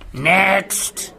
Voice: speaking gruffly